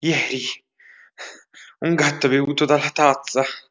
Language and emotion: Italian, fearful